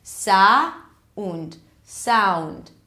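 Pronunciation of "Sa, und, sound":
In 'sound', the vowel starts with a more neutral uh sound, not the a sound of 'cat'.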